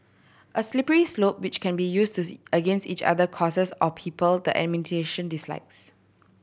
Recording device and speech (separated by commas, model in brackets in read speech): boundary microphone (BM630), read sentence